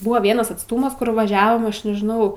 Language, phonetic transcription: Lithuanian, ˈbuva ˈvienas atsˈtūmas ˈkur vaˈžiavom ˈaš nežiˈnau

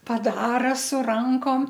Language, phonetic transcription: Lithuanian, paˈdara su ˈrankom

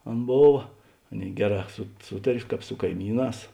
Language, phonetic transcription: Lithuanian, ˈan ˈbova ˈaˌnėi ˈgeˌrā su ˈsūtar' ˈkāp su kaiˈmyˌnās

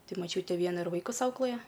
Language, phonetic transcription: Lithuanian, ˈtai maˈčiūte ˈviena ir ˈvaikus ˈauklɘja

